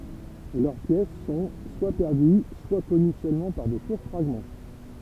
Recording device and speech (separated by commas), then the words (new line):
temple vibration pickup, read sentence
Leurs pièces sont, soit perdues, soit connues seulement par de courts fragments.